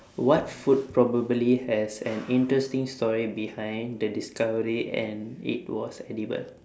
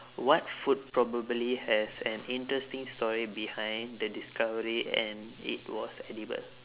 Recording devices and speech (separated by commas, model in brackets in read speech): standing microphone, telephone, conversation in separate rooms